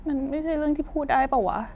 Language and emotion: Thai, sad